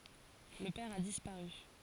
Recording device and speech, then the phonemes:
forehead accelerometer, read sentence
lə pɛʁ a dispaʁy

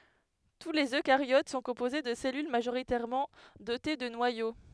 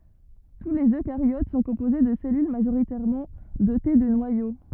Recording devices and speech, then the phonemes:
headset microphone, rigid in-ear microphone, read sentence
tu lez økaʁjot sɔ̃ kɔ̃poze də sɛlyl maʒoʁitɛʁmɑ̃ dote də nwajo

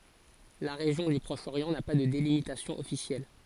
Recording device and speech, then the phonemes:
forehead accelerometer, read sentence
la ʁeʒjɔ̃ dy pʁɔʃ oʁjɑ̃ na pa də delimitasjɔ̃ ɔfisjɛl

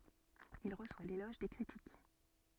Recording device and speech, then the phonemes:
soft in-ear microphone, read sentence
il ʁəswa lelɔʒ de kʁitik

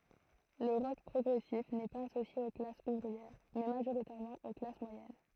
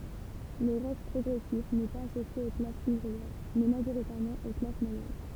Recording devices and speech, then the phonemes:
throat microphone, temple vibration pickup, read sentence
lə ʁɔk pʁɔɡʁɛsif nɛ paz asosje o klasz uvʁiɛʁ mɛ maʒoʁitɛʁmɑ̃ o klas mwajɛn

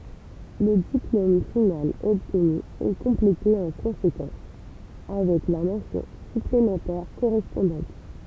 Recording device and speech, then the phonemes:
temple vibration pickup, read sentence
lə diplom final ɔbtny ɛ kɔ̃plete ɑ̃ kɔ̃sekɑ̃s avɛk la mɑ̃sjɔ̃ syplemɑ̃tɛʁ koʁɛspɔ̃dɑ̃t

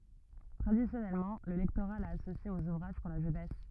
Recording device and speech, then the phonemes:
rigid in-ear microphone, read sentence
tʁadisjɔnɛlmɑ̃ lə lɛktoʁa la asosje oz uvʁaʒ puʁ la ʒønɛs

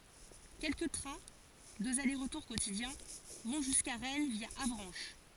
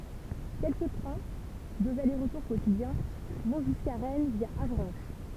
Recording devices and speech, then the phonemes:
forehead accelerometer, temple vibration pickup, read sentence
kɛlkə tʁɛ̃ døz ale ʁətuʁ kotidjɛ̃ vɔ̃ ʒyska ʁɛn vja avʁɑ̃ʃ

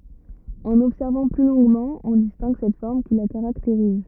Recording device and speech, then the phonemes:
rigid in-ear microphone, read sentence
ɑ̃n ɔbsɛʁvɑ̃ ply lɔ̃ɡmɑ̃ ɔ̃ distɛ̃ɡ sɛt fɔʁm ki la kaʁakteʁiz

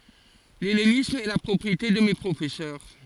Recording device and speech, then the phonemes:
forehead accelerometer, read sentence
lɛlenism ɛ la pʁɔpʁiete də me pʁofɛsœʁ

